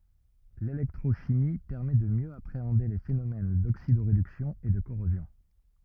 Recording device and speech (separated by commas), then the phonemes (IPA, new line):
rigid in-ear microphone, read sentence
lelɛktʁoʃimi pɛʁmɛ də mjø apʁeɑ̃de le fenomɛn doksidoʁedyksjɔ̃ e də koʁozjɔ̃